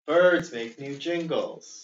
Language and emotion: English, sad